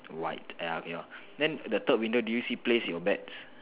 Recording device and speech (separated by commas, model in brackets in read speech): telephone, conversation in separate rooms